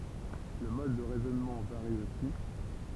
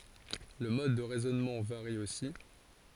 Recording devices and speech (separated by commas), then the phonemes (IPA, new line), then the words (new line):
temple vibration pickup, forehead accelerometer, read sentence
lə mɔd də ʁɛzɔnmɑ̃ vaʁi osi
Le mode de raisonnement varie aussi.